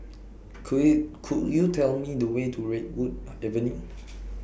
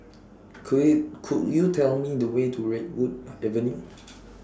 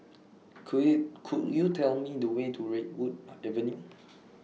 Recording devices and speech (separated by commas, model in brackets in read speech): boundary microphone (BM630), standing microphone (AKG C214), mobile phone (iPhone 6), read sentence